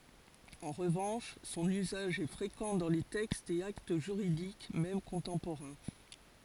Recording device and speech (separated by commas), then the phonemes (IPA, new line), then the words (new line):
forehead accelerometer, read sentence
ɑ̃ ʁəvɑ̃ʃ sɔ̃n yzaʒ ɛ fʁekɑ̃ dɑ̃ le tɛkstz e akt ʒyʁidik mɛm kɔ̃tɑ̃poʁɛ̃
En revanche son usage est fréquent dans les textes et actes juridiques même contemporains.